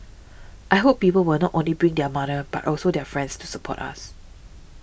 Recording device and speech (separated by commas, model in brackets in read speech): boundary microphone (BM630), read sentence